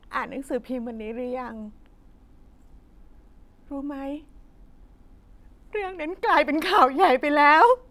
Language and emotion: Thai, sad